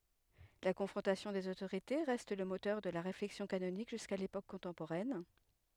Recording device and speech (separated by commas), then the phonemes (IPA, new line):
headset microphone, read sentence
la kɔ̃fʁɔ̃tasjɔ̃ dez otoʁite ʁɛst lə motœʁ də la ʁeflɛksjɔ̃ kanonik ʒyska lepok kɔ̃tɑ̃poʁɛn